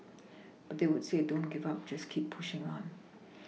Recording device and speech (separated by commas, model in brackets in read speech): mobile phone (iPhone 6), read sentence